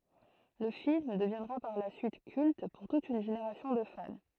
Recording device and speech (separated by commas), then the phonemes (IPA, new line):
throat microphone, read sentence
lə film dəvjɛ̃dʁa paʁ la syit kylt puʁ tut yn ʒeneʁasjɔ̃ də fan